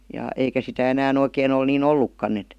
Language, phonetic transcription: Finnish, ja , 'eikä sitä 'enää'n ‿oikeen ‿ol nii"n ‿ollukkann ‿et .
- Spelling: ja eikä sitä enää oikein ole niin ollutkaan että

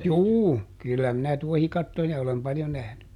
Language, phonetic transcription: Finnish, "juu , ˈkyllä minä ˈtuohikattoja olem ˈpaljo ˈnähny .
- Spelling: juu kyllä minä tuohikattoja olen paljon nähnyt

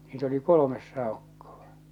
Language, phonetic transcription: Finnish, niit ‿oli "kolomes 'sàokkoᴠᴀ .
- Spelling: niitä oli kolme saukkoa

